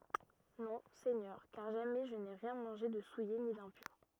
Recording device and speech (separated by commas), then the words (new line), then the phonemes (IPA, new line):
rigid in-ear microphone, read sentence
Non, Seigneur, car jamais je n'ai rien mangé de souillé ni d'impur.
nɔ̃ sɛɲœʁ kaʁ ʒamɛ ʒə ne ʁjɛ̃ mɑ̃ʒe də suje ni dɛ̃pyʁ